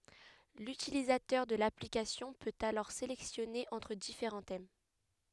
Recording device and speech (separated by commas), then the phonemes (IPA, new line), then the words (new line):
headset microphone, read sentence
lytilizatœʁ də laplikasjɔ̃ pøt alɔʁ selɛksjɔne ɑ̃tʁ difeʁɑ̃ tɛm
L'utilisateur de l'application peut alors sélectionner entre différents thèmes.